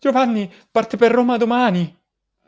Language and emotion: Italian, fearful